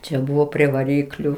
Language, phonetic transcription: Lithuanian, čia ˈbuvo prie vaˈrykliu

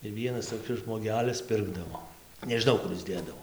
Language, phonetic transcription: Lithuanian, tai ˈvienas toˈkis žmoˈgelis ˈpirkdavo nežiˈnau ˈkur is ˈdėdavo

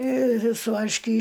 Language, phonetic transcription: Lithuanian, ir su varšˈky

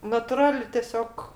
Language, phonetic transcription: Lithuanian, natuˈrali teˈsiog

